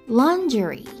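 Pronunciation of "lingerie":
'Lingerie' is said the British English way, with the stress on the first syllable, which sounds like 'lon'. The last syllable is 're', not 'ray'.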